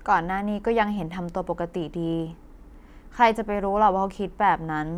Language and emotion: Thai, neutral